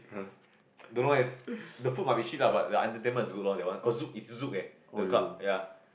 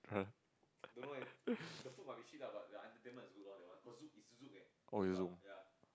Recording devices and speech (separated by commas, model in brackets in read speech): boundary microphone, close-talking microphone, conversation in the same room